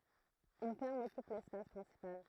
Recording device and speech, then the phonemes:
throat microphone, read sentence
yn fɛʁm ɔkyp lɛspas pʁɛ̃sipal

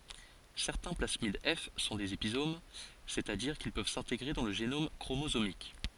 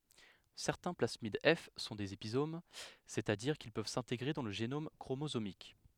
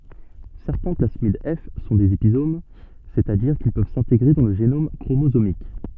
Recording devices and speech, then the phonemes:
forehead accelerometer, headset microphone, soft in-ear microphone, read sentence
sɛʁtɛ̃ plasmid ɛf sɔ̃ dez epizom sɛt a diʁ kil pøv sɛ̃teɡʁe dɑ̃ lə ʒenom kʁomozomik

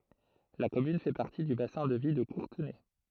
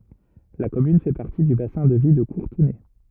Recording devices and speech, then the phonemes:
throat microphone, rigid in-ear microphone, read sentence
la kɔmyn fɛ paʁti dy basɛ̃ də vi də kuʁtənɛ

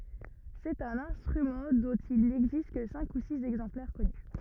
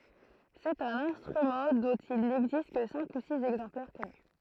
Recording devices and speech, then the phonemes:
rigid in-ear microphone, throat microphone, read sentence
sɛt œ̃n ɛ̃stʁymɑ̃ dɔ̃t il nɛɡzist kə sɛ̃k u siz ɛɡzɑ̃plɛʁ kɔny

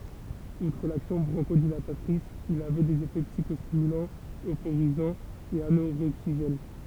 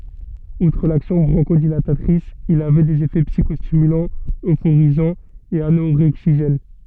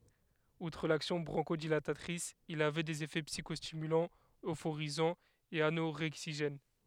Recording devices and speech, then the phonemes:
temple vibration pickup, soft in-ear microphone, headset microphone, read sentence
utʁ laksjɔ̃ bʁɔ̃ʃodilatatʁis il avɛ dez efɛ psikɔstimylɑ̃z øfoʁizɑ̃z e anoʁɛɡziʒɛn

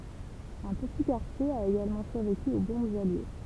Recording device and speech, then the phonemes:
temple vibration pickup, read sentence
œ̃ pəti kaʁtje a eɡalmɑ̃ syʁveky o bɔ̃bz alje

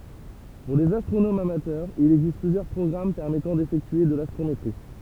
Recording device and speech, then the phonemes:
temple vibration pickup, read sentence
puʁ lez astʁonomz amatœʁz il ɛɡzist plyzjœʁ pʁɔɡʁam pɛʁmɛtɑ̃ defɛktye də lastʁometʁi

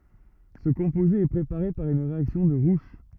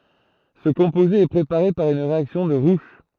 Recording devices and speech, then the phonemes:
rigid in-ear microphone, throat microphone, read sentence
sə kɔ̃poze ɛ pʁepaʁe paʁ yn ʁeaksjɔ̃ də ʁuʃ

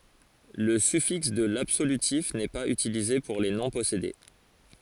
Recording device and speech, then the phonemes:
forehead accelerometer, read sentence
lə syfiks də labsolytif nɛ paz ytilize puʁ le nɔ̃ pɔsede

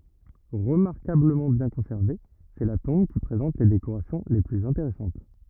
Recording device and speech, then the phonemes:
rigid in-ear microphone, read sentence
ʁəmaʁkabləmɑ̃ bjɛ̃ kɔ̃sɛʁve sɛ la tɔ̃b ki pʁezɑ̃t le dekoʁasjɔ̃ le plyz ɛ̃teʁɛsɑ̃t

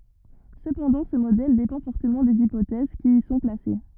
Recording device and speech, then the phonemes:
rigid in-ear microphone, read sentence
səpɑ̃dɑ̃ sə modɛl depɑ̃ fɔʁtəmɑ̃ dez ipotɛz ki i sɔ̃ plase

